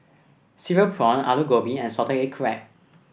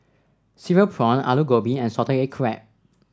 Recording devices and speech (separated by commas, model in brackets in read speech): boundary microphone (BM630), standing microphone (AKG C214), read sentence